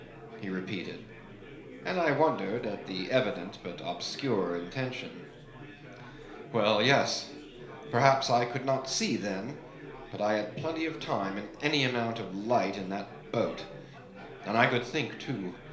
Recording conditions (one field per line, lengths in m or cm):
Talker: one person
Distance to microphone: 1.0 m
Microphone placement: close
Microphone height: 1.1 m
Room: small (3.7 m by 2.7 m)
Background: babble